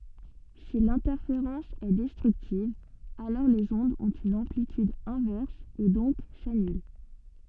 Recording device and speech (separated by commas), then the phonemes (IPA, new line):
soft in-ear microphone, read sentence
si lɛ̃tɛʁfeʁɑ̃s ɛ dɛstʁyktiv alɔʁ lez ɔ̃dz ɔ̃t yn ɑ̃plityd ɛ̃vɛʁs e dɔ̃k sanyl